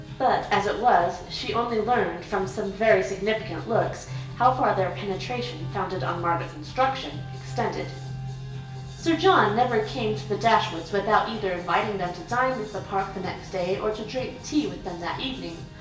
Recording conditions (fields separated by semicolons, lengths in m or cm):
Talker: one person; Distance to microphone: 1.8 m; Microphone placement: close; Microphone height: 1.0 m; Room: large; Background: music